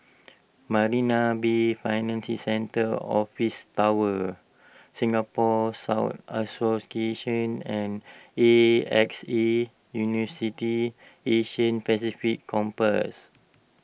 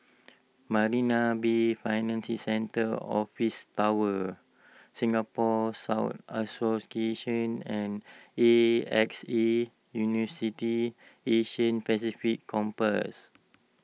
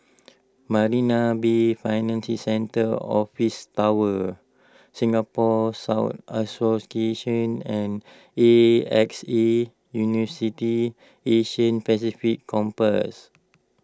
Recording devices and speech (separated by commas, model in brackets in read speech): boundary microphone (BM630), mobile phone (iPhone 6), close-talking microphone (WH20), read sentence